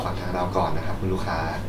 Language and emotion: Thai, neutral